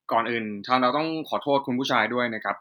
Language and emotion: Thai, neutral